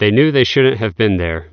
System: none